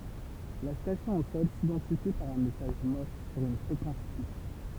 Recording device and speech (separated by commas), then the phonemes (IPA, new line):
temple vibration pickup, read sentence
la stasjɔ̃ o sɔl sidɑ̃tifi paʁ œ̃ mɛsaʒ mɔʁs syʁ yn fʁekɑ̃s fiks